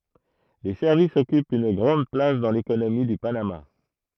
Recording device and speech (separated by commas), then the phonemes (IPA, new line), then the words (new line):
throat microphone, read sentence
le sɛʁvisz ɔkypt yn ɡʁɑ̃d plas dɑ̃ lekonomi dy panama
Les services occupent une grande place dans l’économie du Panama.